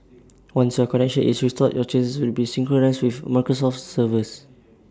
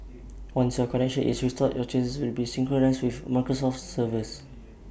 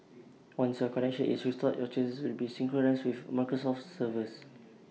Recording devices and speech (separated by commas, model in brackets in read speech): standing microphone (AKG C214), boundary microphone (BM630), mobile phone (iPhone 6), read sentence